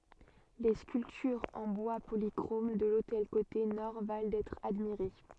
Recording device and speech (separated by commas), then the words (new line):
soft in-ear microphone, read sentence
Les sculptures en bois polychrome de l'autel côté nord valent d'être admirées.